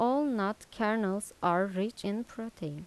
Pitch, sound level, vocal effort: 210 Hz, 82 dB SPL, soft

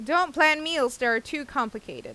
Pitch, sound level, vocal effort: 300 Hz, 92 dB SPL, loud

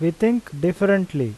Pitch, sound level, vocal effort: 175 Hz, 87 dB SPL, loud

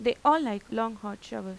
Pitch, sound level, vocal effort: 225 Hz, 89 dB SPL, normal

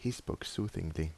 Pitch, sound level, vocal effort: 95 Hz, 77 dB SPL, soft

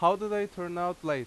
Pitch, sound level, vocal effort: 175 Hz, 92 dB SPL, very loud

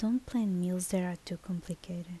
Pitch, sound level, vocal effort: 180 Hz, 73 dB SPL, soft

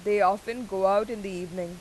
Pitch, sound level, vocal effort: 195 Hz, 93 dB SPL, loud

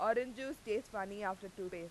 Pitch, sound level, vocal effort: 205 Hz, 92 dB SPL, very loud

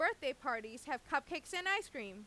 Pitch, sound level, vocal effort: 280 Hz, 95 dB SPL, loud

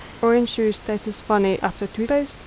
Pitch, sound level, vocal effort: 215 Hz, 81 dB SPL, soft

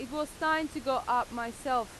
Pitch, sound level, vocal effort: 260 Hz, 92 dB SPL, loud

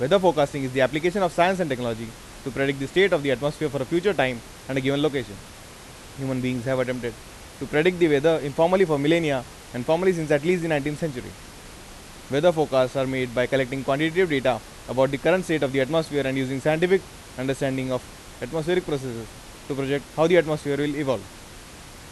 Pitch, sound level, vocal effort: 140 Hz, 92 dB SPL, loud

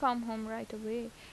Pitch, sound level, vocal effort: 225 Hz, 82 dB SPL, normal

